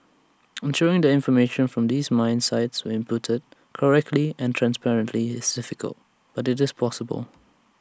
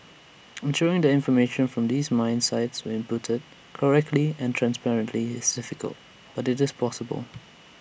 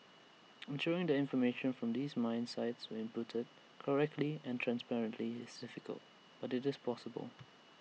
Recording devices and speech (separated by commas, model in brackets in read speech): standing microphone (AKG C214), boundary microphone (BM630), mobile phone (iPhone 6), read sentence